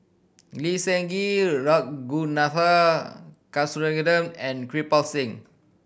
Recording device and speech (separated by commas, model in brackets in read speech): boundary microphone (BM630), read sentence